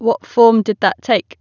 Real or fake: real